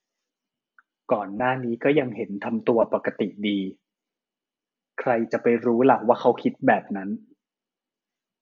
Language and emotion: Thai, neutral